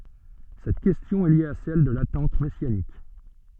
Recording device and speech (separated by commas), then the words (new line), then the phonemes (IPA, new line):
soft in-ear microphone, read sentence
Cette question est liée à celle de l'attente messianique.
sɛt kɛstjɔ̃ ɛ lje a sɛl də latɑ̃t mɛsjanik